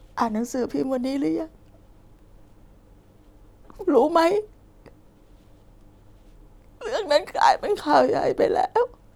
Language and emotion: Thai, sad